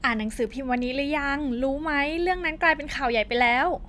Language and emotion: Thai, happy